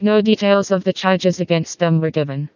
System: TTS, vocoder